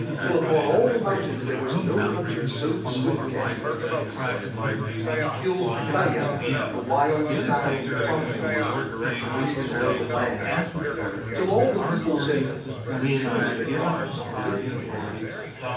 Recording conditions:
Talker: one person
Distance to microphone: 9.8 m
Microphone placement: far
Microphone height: 1.8 m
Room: large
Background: babble

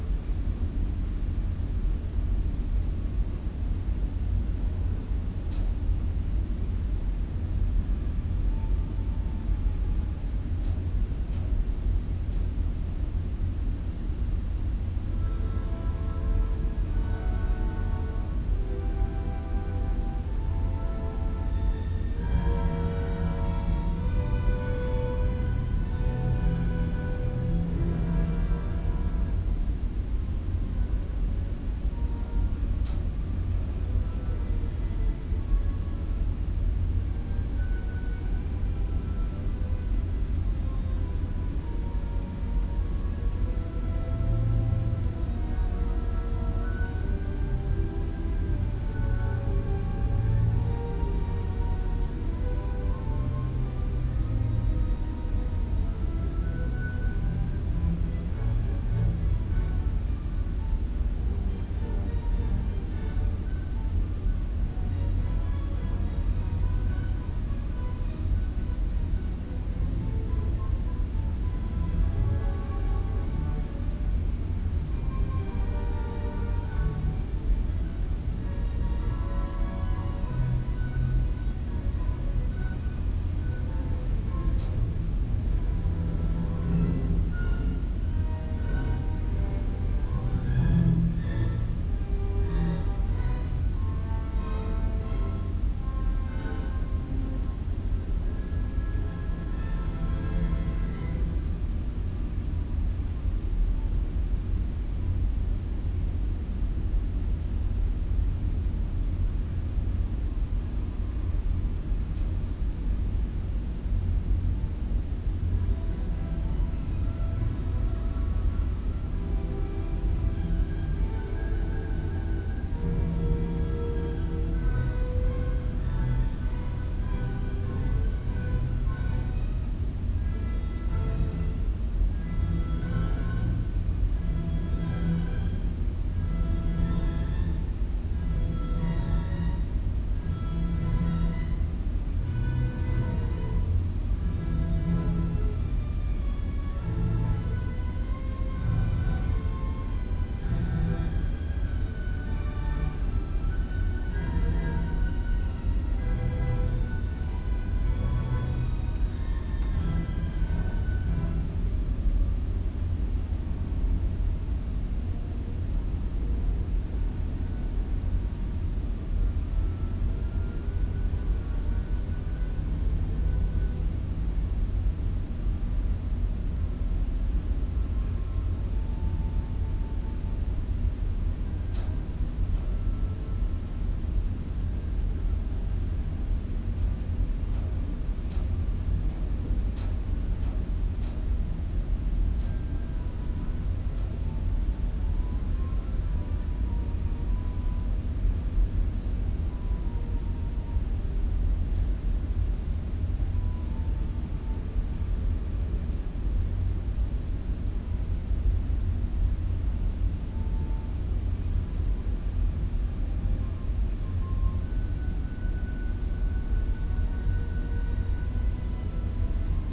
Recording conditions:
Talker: no one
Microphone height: 2.5 m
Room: large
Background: music

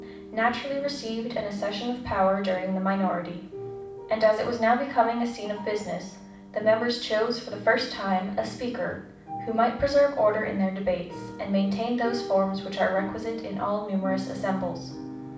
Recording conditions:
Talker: one person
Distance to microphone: 5.8 m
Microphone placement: far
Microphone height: 1.8 m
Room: medium-sized (5.7 m by 4.0 m)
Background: music

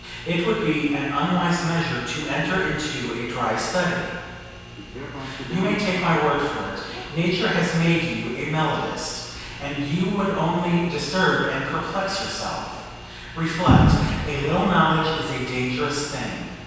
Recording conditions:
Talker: one person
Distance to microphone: 7.1 m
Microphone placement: far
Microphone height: 1.7 m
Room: very reverberant, large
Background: television

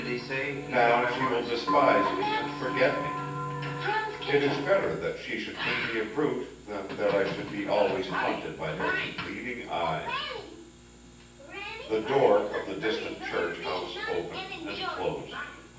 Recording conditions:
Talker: one person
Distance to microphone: 9.8 m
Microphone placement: far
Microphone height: 1.8 m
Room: large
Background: television

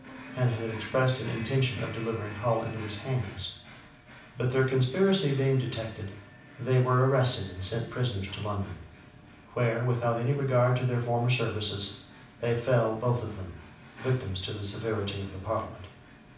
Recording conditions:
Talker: one person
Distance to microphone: 5.8 m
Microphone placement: far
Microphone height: 1.8 m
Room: medium-sized (5.7 m by 4.0 m)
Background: television

